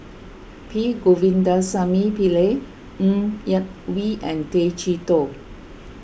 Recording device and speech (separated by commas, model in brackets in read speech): boundary microphone (BM630), read sentence